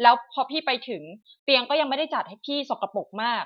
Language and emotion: Thai, frustrated